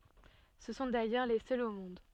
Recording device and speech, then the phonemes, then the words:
soft in-ear microphone, read sentence
sə sɔ̃ dajœʁ le sœlz o mɔ̃d
Ce sont d'ailleurs les seuls au monde.

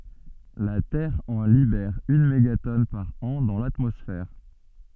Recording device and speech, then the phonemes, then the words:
soft in-ear microphone, read sentence
la tɛʁ ɑ̃ libɛʁ yn meɡatɔn paʁ ɑ̃ dɑ̃ latmɔsfɛʁ
La Terre en libère une mégatonne par an dans l'atmosphère.

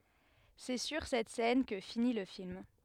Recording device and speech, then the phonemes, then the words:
headset microphone, read sentence
sɛ syʁ sɛt sɛn kə fini lə film
C'est sur cette scène que finit le film.

